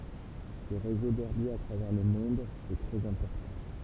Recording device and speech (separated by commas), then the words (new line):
temple vibration pickup, read sentence
Ce réseau d'herbiers à travers le monde est très important.